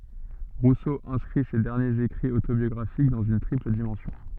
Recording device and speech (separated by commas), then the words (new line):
soft in-ear microphone, read sentence
Rousseau inscrit ces derniers écrits autobiographiques dans une triple dimension.